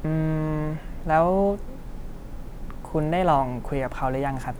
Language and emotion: Thai, neutral